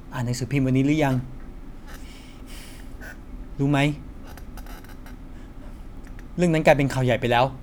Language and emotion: Thai, sad